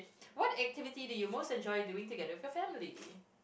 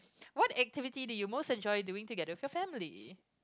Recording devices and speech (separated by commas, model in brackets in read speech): boundary microphone, close-talking microphone, conversation in the same room